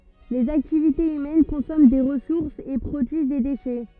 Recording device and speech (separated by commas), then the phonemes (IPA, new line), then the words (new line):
rigid in-ear microphone, read sentence
lez aktivitez ymɛn kɔ̃sɔmɑ̃ de ʁəsuʁsz e pʁodyiz de deʃɛ
Les activités humaines consomment des ressources et produisent des déchets.